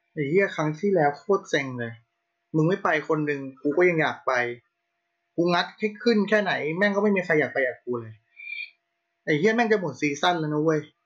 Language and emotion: Thai, frustrated